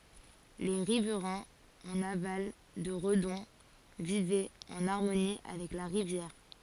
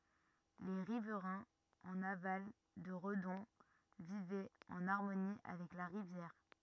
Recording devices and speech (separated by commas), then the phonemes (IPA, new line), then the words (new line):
forehead accelerometer, rigid in-ear microphone, read sentence
le ʁivʁɛ̃z ɑ̃n aval də ʁədɔ̃ vivɛt ɑ̃n aʁmoni avɛk la ʁivjɛʁ
Les riverains en aval de Redon vivaient en harmonie avec la rivière.